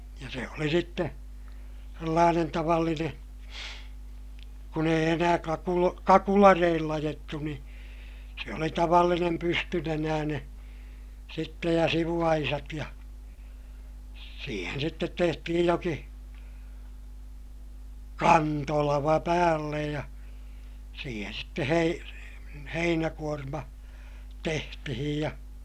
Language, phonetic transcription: Finnish, ja se oli sitte , sellaanen tavallinen̬ , kun ‿eij ‿enää kakulo- , kakulareill ‿ajettu ni , se oli tavallinem pystynenääneè , sittej ja sivu₍aisat ja , siihen sittet tehtihij joki , kantolava päällej ja , siihen̬ sitte hei- , heinäkuorma , tehtihij ja ,.
- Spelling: ja se oli sitten sellainen tavallinen kun ei enää - kakulareillä ajettu niin se oli tavallinen pystynenäinen sitten ja sivuaisat ja siihen sitten tehtiin jokin kantolava päälle ja siihen sitten - heinäkuorma tehtiin ja

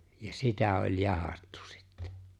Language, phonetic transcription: Finnish, ja "sitä oĺ "jahattᴜ sɪttᴇ .
- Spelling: ja sitä oli jahdattu sitten

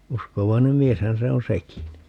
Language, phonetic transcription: Finnish, 'uskovainem "mieshän se on "sekin .
- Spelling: uskovainen mieshän se on sekin

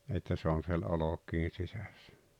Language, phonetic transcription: Finnish, että 'se on̬ siel "olok̀ii 'sisäs(sᴀ̈) .
- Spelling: että se on siellä olkien sisässä

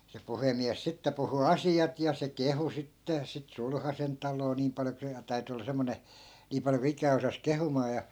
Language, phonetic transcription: Finnish, se 'puhemiäs 'sitte puhu "asi₍at ja se 'kehu 'sitte , sit 'sulhasen taloo 'niim pal(jo) ku se ja 'täyty olla 'semmone , 'nii paljo ku 'ik̀ää osas 'kehumaa ja .
- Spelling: se puhemies sitten puhui asiat ja se kehui sitten sitten sulhasen taloa niin paljon kuin se ja täytyi olla semmoinen niin paljon kuin ikänä osasi kehumaan ja

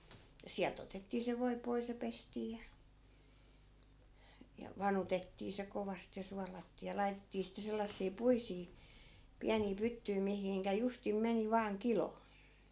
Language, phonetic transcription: Finnish, ja 'siält ‿otettii se 'voi 'pois ja 'pestii ja , ja , "vanutettii se 'kovast ja 'sualattii ja 'lai̮tettii sitte sellassii 'puisii , 'piänii 'pyttyi mihiŋkä 'justim 'meni 'vaaŋ "kilo .
- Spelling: ja sieltä otettiin se voi pois ja pestiin ja ja vanutettiin se kovasti ja suolattiin ja laitettiin sitten sellaisia puisia pieniä pyttyjä mihin justiin meni vain kilo

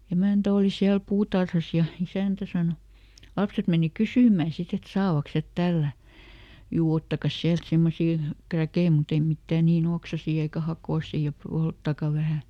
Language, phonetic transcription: Finnish, "emä̀ntä ˈòli siäl "puutarhas ja , ˈisä̀ntä sano , "lapset meni "kysỳm̆mä̀ ˈsit ‿et ˈsaavaks het "tällä̀ , » ˈjuu "ottakas siält ˈsemmosii , ˈkräkei mut ‿ei ˈmittä̀ niiˈn ‿oksasii eikä "hakòsì ja ˈpolttaka ˈvähä .
- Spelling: emäntä oli siellä puutarhassa ja isäntä sanoi lapset meni kysymään sitten että saavatkos he tällätä juu ottakaas sieltä semmoisia kräkkejä mutta ei mitään niin oksaisia eikä hakoisia ja polttakaa vähän

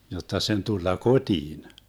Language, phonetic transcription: Finnish, 'jotta 'sen 'tulla "koDiin .
- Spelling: jotta sen tulla kotiin

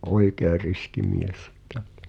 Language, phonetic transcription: Finnish, oikee 'riski 'mies (ettᴀ̈) .
- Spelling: oikein riski mies että

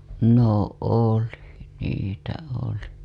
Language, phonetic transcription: Finnish, no "oli , 'niitä 'oli .
- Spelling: no oli niitä oli

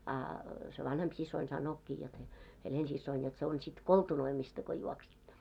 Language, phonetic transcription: Finnish, a , se 'vanhemp sis̆soin 'san̆nookkii jot se , 'Helensissoin jot se on sit "koltunoimista ko juoksitto .
- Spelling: a se vanhempi siskoni sanookin jotta se Helena-siskoni jotta se on sitten koltunoimista kun juoksitte

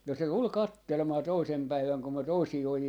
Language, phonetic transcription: Finnish, no se 'tul "kattelmaa 'toisem 'päiväŋ kum me 'toisii 'oji₍a , .
- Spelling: no se tuli katselemaan toisena päivänä kun me toisia ojia

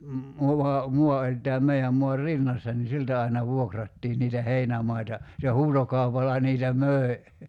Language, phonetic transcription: Finnish, 'muva , 'mua oĺ tääm 'mei₍äm muar "rinnassa ni 'siltä aina 'vuokrattiin niitä "heinämaita , se 'huutokaupalla 'niitä "möi̬ .
- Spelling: muva maa oli tämän meidän maan rinnassa niin siltä aina vuokrattiin niitä heinämaita se huutokaupalla niitä möi

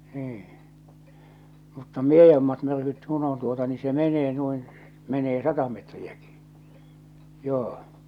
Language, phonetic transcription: Finnish, niiḭ , mutta "miejommat myrkyt 'ku'n ‿on tuota ni se 'menee nuin , 'menee "sata metriäkɪ , 'joo-
- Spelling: niin mutta miedommat myrkyt kun on tuota niin se menee noin menee sata metriäkin joo

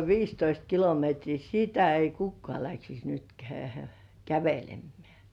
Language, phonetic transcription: Finnish, 'viistoist kilometrii "sitä ei 'kukkŏà läksis nyt kä- , 'kävelemmeä̀ .
- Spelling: viisitoista kilometriä sitä ei kukaan lähtisi nyt - kävelemään

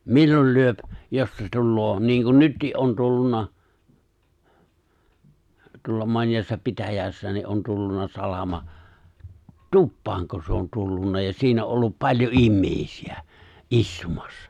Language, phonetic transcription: Finnish, 'millol 'lyöp , 'jos se̬ 'tulloo , niiŋkun 'nyttii’ ’on 'tullun̆na , tuolla 'mońjaassa 'pitäj̀äässä nii’ ’on 'tulluna 'salama , "tuppaaŋko se on 'tullun̆na ja 'siin ‿o’ ’ollup 'paĺjo '’immèisi₍ᴀ̈ , "’istumᴀssᴀ .
- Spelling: milloin lyö jos se tulee niin kuin nytkin on tullut tuolla monessa pitäjässä niin on tullut salama tupaanko se on tullut ja siinä on ollut paljon ihmisiä istumassa

